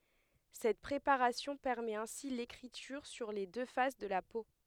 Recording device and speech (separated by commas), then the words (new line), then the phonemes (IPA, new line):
headset microphone, read sentence
Cette préparation permet ainsi l'écriture sur les deux faces de la peau.
sɛt pʁepaʁasjɔ̃ pɛʁmɛt ɛ̃si lekʁityʁ syʁ le dø fas də la po